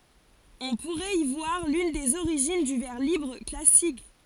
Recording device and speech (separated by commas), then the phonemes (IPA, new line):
forehead accelerometer, read sentence
ɔ̃ puʁɛt i vwaʁ lyn dez oʁiʒin dy vɛʁ libʁ klasik